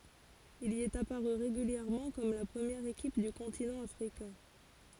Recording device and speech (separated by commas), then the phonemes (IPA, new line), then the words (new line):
forehead accelerometer, read sentence
il i ɛt apaʁy ʁeɡyljɛʁmɑ̃ kɔm la pʁəmjɛʁ ekip dy kɔ̃tinɑ̃ afʁikɛ̃
Il y est apparu régulièrement comme la première équipe du continent africain.